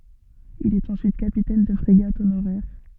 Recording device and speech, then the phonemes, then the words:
soft in-ear microphone, read sentence
il ɛt ɑ̃syit kapitɛn də fʁeɡat onoʁɛʁ
Il est ensuite capitaine de frégate honoraire.

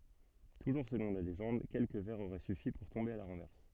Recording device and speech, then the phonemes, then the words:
soft in-ear microphone, read sentence
tuʒuʁ səlɔ̃ la leʒɑ̃d kɛlkə vɛʁz oʁɛ syfi puʁ tɔ̃be a la ʁɑ̃vɛʁs
Toujours selon la légende, quelques verres auraient suffi pour tomber à la renverse.

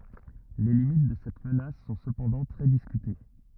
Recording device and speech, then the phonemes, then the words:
rigid in-ear microphone, read sentence
le limit də sɛt mənas sɔ̃ səpɑ̃dɑ̃ tʁɛ diskyte
Les limites de cette menace sont cependant très discutées.

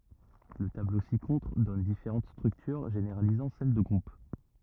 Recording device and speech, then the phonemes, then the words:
rigid in-ear microphone, read sentence
lə tablo si kɔ̃tʁ dɔn difeʁɑ̃t stʁyktyʁ ʒeneʁalizɑ̃ sɛl də ɡʁup
Le tableau ci-contre donne différentes structures généralisant celle de groupe.

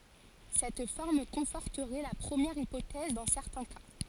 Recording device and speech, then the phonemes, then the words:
forehead accelerometer, read sentence
sɛt fɔʁm kɔ̃fɔʁtəʁɛ la pʁəmjɛʁ ipotɛz dɑ̃ sɛʁtɛ̃ ka
Cette forme conforterait la première hypothèse dans certains cas.

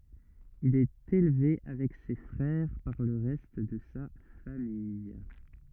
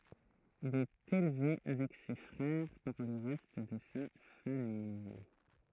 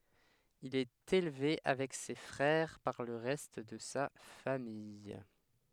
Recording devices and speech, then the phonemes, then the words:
rigid in-ear microphone, throat microphone, headset microphone, read sentence
il ɛt elve avɛk se fʁɛʁ paʁ lə ʁɛst də sa famij
Il est élevé avec ses frères par le reste de sa famille.

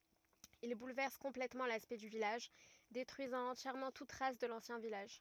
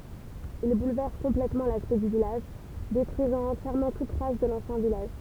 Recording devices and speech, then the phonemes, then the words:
rigid in-ear microphone, temple vibration pickup, read sentence
il bulvɛʁs kɔ̃plɛtmɑ̃ laspɛkt dy vilaʒ detʁyizɑ̃ ɑ̃tjɛʁmɑ̃ tut tʁas də lɑ̃sjɛ̃ vilaʒ
Il bouleverse complètement l'aspect du village, détruisant entièrement toute trace de l'ancien village.

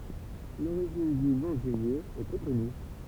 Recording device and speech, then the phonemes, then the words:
temple vibration pickup, read sentence
loʁiʒin dy nɔ̃ dy ljø ɛ pø kɔny
L'origine du nom du lieu est peu connue.

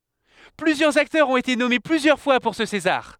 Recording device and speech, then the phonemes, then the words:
headset microphone, read sentence
plyzjœʁz aktœʁz ɔ̃t ete nɔme plyzjœʁ fwa puʁ sə sezaʁ
Plusieurs acteurs ont été nommés plusieurs fois pour ce César.

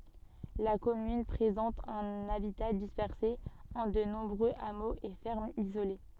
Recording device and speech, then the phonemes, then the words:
soft in-ear microphone, read sentence
la kɔmyn pʁezɑ̃t œ̃n abita dispɛʁse ɑ̃ də nɔ̃bʁøz amoz e fɛʁmz izole
La commune présente un habitat dispersé en de nombreux hameaux et fermes isolées.

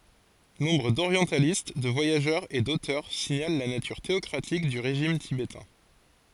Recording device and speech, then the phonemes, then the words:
forehead accelerometer, read sentence
nɔ̃bʁ doʁjɑ̃talist də vwajaʒœʁz e dotœʁ siɲal la natyʁ teɔkʁatik dy ʁeʒim tibetɛ̃
Nombre d'orientalistes, de voyageurs et d'auteurs signalent la nature théocratique du régime tibétain.

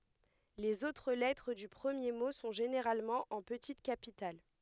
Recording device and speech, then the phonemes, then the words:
headset microphone, read sentence
lez otʁ lɛtʁ dy pʁəmje mo sɔ̃ ʒeneʁalmɑ̃ ɑ̃ pətit kapital
Les autres lettres du premier mot sont généralement en petites capitales.

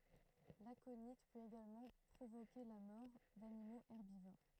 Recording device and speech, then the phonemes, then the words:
throat microphone, read sentence
lakoni pøt eɡalmɑ̃ pʁovoke la mɔʁ danimoz ɛʁbivoʁ
L'aconit peut également provoquer la mort d'animaux herbivores.

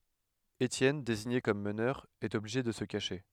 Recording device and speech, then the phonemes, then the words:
headset microphone, read sentence
etjɛn deziɲe kɔm mənœʁ ɛt ɔbliʒe də sə kaʃe
Étienne, désigné comme meneur, est obligé de se cacher.

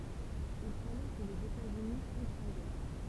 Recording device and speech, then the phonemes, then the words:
temple vibration pickup, read sentence
il falɛ kə lez etaz yni ɑ̃tʁt ɑ̃ ɡɛʁ
Il fallait que les États-Unis entrent en guerre.

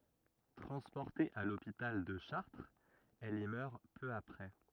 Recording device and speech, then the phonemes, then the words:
rigid in-ear microphone, read sentence
tʁɑ̃spɔʁte a lopital də ʃaʁtʁz ɛl i mœʁ pø apʁɛ
Transportée à l'hôpital de Chartres, elle y meurt peu après.

